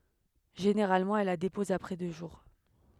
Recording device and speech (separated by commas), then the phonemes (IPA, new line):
headset microphone, read sentence
ʒeneʁalmɑ̃ ɛl la depɔz apʁɛ dø ʒuʁ